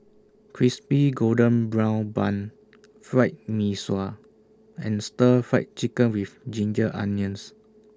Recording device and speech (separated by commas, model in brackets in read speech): standing microphone (AKG C214), read sentence